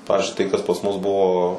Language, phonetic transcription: Lithuanian, ˈpavizdžiui tai kas pas mus ˈbuvo

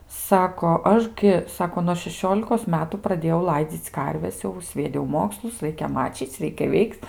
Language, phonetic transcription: Lithuanian, ˈsako ˈaš gi ˈsako nuo šeˈšiolikos ˈmetu praˈdėjau ˈlaidzyc ˈkarves ˈjau svieˈdiau ˈmokslus ˈraikia mačyc ˈreikia ˈveikt

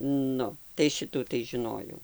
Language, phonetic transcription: Lithuanian, ˈnu tai ˈšitų tai žiˈnojau

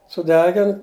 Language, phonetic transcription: Lithuanian, suˈdegin

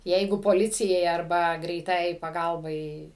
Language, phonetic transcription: Lithuanian, ˈjeigu poˈlicijai arˈba greiˈtajai paˈgalbai

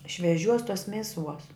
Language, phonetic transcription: Lithuanian, šveˈžiuos tuos ˈmeˌsuos

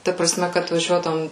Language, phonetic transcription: Lithuanian, ˈta praˈsme kad vaˈžiuodavom

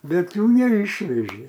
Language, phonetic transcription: Lithuanian, ˈbet ˈjų neˈyšvežė

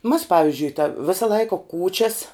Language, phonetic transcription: Lithuanian, mas ˈpavizdžiui ta ˈvisa ˈlaika ˈkūčias

